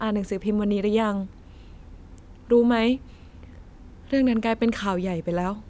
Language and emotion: Thai, sad